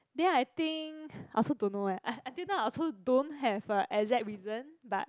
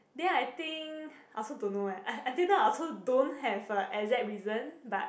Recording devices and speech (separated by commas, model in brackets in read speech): close-talking microphone, boundary microphone, conversation in the same room